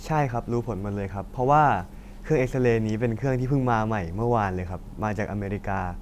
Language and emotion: Thai, neutral